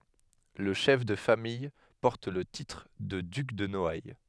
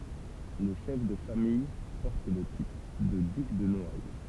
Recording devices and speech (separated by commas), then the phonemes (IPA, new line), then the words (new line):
headset microphone, temple vibration pickup, read sentence
lə ʃɛf də famij pɔʁt lə titʁ də dyk də nɔaj
Le chef de famille porte le titre de duc de Noailles.